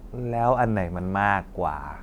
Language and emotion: Thai, frustrated